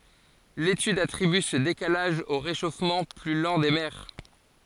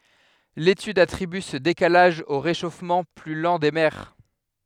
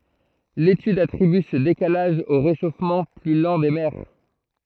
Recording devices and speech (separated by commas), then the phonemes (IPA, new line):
forehead accelerometer, headset microphone, throat microphone, read sentence
letyd atʁiby sə dekalaʒ o ʁeʃofmɑ̃ ply lɑ̃ de mɛʁ